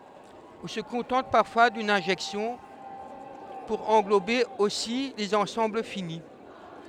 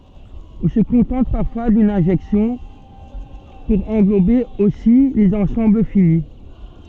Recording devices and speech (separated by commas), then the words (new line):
headset microphone, soft in-ear microphone, read sentence
On se contente parfois d'une injection pour englober aussi les ensembles finis.